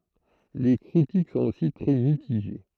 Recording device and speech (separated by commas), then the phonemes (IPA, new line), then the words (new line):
throat microphone, read sentence
le kʁitik sɔ̃t osi tʁɛ mitiʒe
Les critiques sont aussi très mitigées.